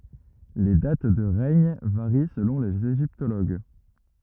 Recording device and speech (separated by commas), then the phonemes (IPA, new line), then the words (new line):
rigid in-ear microphone, read sentence
le dat də ʁɛɲ vaʁi səlɔ̃ lez eʒiptoloɡ
Les dates de règne varient selon les égyptologues.